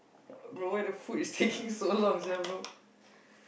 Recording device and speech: boundary microphone, conversation in the same room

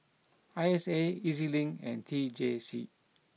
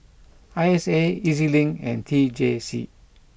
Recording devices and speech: mobile phone (iPhone 6), boundary microphone (BM630), read sentence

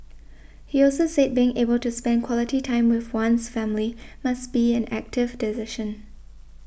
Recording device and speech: boundary microphone (BM630), read sentence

